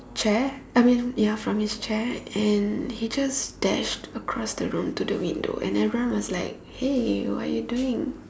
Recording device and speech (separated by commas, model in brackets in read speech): standing microphone, conversation in separate rooms